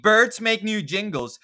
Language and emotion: English, disgusted